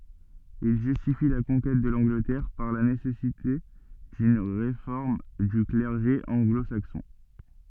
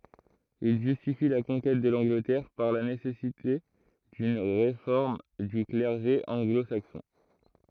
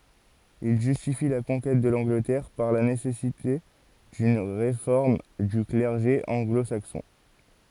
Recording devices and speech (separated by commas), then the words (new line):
soft in-ear microphone, throat microphone, forehead accelerometer, read sentence
Il justifie la conquête de l'Angleterre par la nécessité d'une réforme du clergé anglo-saxon.